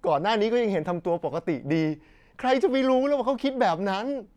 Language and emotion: Thai, happy